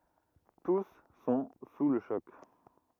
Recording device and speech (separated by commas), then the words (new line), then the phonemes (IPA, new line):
rigid in-ear microphone, read sentence
Tous sont sous le choc.
tus sɔ̃ su lə ʃɔk